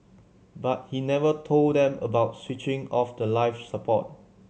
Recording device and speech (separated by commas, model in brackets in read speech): mobile phone (Samsung C7100), read sentence